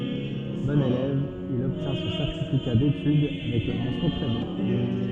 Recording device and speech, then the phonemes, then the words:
soft in-ear microphone, read sentence
bɔ̃n elɛv il ɔbtjɛ̃ sɔ̃ sɛʁtifika detyd avɛk la mɑ̃sjɔ̃ tʁɛ bjɛ̃
Bon élève, il obtient son certificat d'études avec la mention très bien.

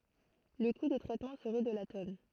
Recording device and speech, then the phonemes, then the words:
throat microphone, read sentence
lə ku də tʁɛtmɑ̃ səʁɛ də la tɔn
Le coût de traitement serait de la tonne.

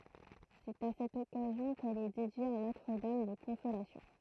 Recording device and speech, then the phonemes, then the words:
throat microphone, read sentence
sɛt a sɛt ɔkazjɔ̃ kɛl ɛ dedje a notʁ dam də kɔ̃solasjɔ̃
C'est à cette occasion qu'elle est dédiée à Notre Dame de Consolation.

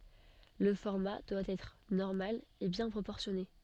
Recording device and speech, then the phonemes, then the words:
soft in-ear microphone, read sentence
lə fɔʁma dwa ɛtʁ nɔʁmal e bjɛ̃ pʁopɔʁsjɔne
Le format doit être normal et bien proportionné.

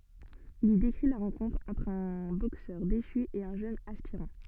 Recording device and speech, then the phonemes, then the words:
soft in-ear microphone, read sentence
il i dekʁi la ʁɑ̃kɔ̃tʁ ɑ̃tʁ œ̃ boksœʁ deʃy e œ̃ ʒøn aspiʁɑ̃
Il y décrit la rencontre entre un boxeur déchu et un jeune aspirant.

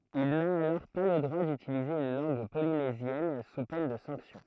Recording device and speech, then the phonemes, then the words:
throat microphone, read sentence
il na alɔʁ pa lə dʁwa dytilize yn lɑ̃ɡ polinezjɛn su pɛn də sɑ̃ksjɔ̃
Il n'a alors pas le droit d'utiliser une langue polynésienne sous peine de sanction.

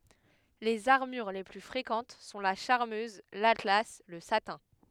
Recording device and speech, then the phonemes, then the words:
headset microphone, read sentence
lez aʁmyʁ le ply fʁekɑ̃t sɔ̃ la ʃaʁmøz latla lə satɛ̃
Les armures les plus fréquentes sont la charmeuse, l'atlas, le satin.

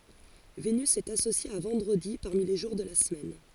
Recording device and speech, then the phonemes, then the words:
forehead accelerometer, read sentence
venys ɛt asosje a vɑ̃dʁədi paʁmi le ʒuʁ də la səmɛn
Vénus est associée à vendredi parmi les jours de la semaine.

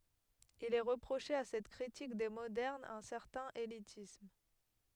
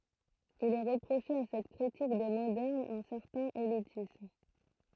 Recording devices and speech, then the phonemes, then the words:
headset microphone, throat microphone, read sentence
il ɛ ʁəpʁoʃe a sɛt kʁitik de modɛʁnz œ̃ sɛʁtɛ̃n elitism
Il est reproché à cette critique des modernes un certain élitisme.

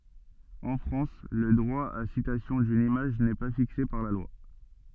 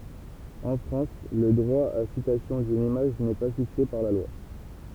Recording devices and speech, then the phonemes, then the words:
soft in-ear microphone, temple vibration pickup, read sentence
ɑ̃ fʁɑ̃s lə dʁwa a sitasjɔ̃ dyn imaʒ nɛ pa fikse paʁ la lwa
En France, le droit à citation d'une image n'est pas fixé par la loi.

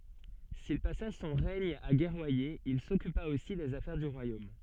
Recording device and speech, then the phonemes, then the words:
soft in-ear microphone, read sentence
sil pasa sɔ̃ ʁɛɲ a ɡɛʁwaje il sɔkypa osi dez afɛʁ dy ʁwajom
S'il passa son règne à guerroyer, il s'occupa aussi des affaires du royaume.

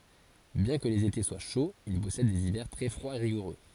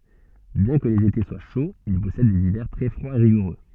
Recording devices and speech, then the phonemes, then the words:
forehead accelerometer, soft in-ear microphone, read sentence
bjɛ̃ kə lez ete swa ʃoz il pɔsɛd dez ivɛʁ tʁɛ fʁwaz e ʁiɡuʁø
Bien que les étés soient chauds, il possède des hivers très froids et rigoureux.

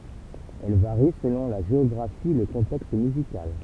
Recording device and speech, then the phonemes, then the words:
temple vibration pickup, read sentence
ɛl vaʁi səlɔ̃ la ʒeɔɡʁafi e lə kɔ̃tɛkst myzikal
Elle varie selon la géographie et le contexte musical.

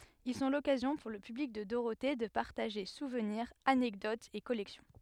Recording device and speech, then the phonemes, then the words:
headset microphone, read sentence
il sɔ̃ lɔkazjɔ̃ puʁ lə pyblik də doʁote də paʁtaʒe suvniʁz anɛkdotz e kɔlɛksjɔ̃
Ils sont l'occasion pour le public de Dorothée de partager souvenirs, anecdotes et collections.

